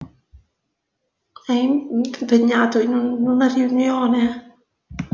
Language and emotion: Italian, fearful